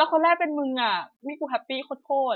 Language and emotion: Thai, happy